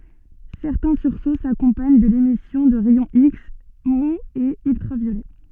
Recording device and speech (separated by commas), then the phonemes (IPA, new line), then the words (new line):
soft in-ear microphone, read sentence
sɛʁtɛ̃ syʁso sakɔ̃paɲ də lemisjɔ̃ də ʁɛjɔ̃ iks muz e yltʁavjolɛ
Certains sursauts s'accompagnent de l'émission de rayons X mous et ultraviolets.